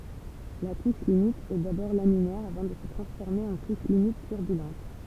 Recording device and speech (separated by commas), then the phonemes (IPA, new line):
temple vibration pickup, read sentence
la kuʃ limit ɛ dabɔʁ laminɛʁ avɑ̃ də sə tʁɑ̃sfɔʁme ɑ̃ kuʃ limit tyʁbylɑ̃t